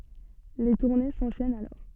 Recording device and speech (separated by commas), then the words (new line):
soft in-ear microphone, read sentence
Les tournées s'enchaînent alors.